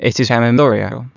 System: TTS, waveform concatenation